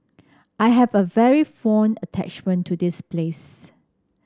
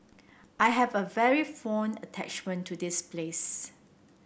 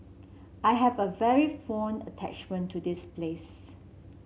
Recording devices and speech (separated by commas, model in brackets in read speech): standing microphone (AKG C214), boundary microphone (BM630), mobile phone (Samsung C7), read sentence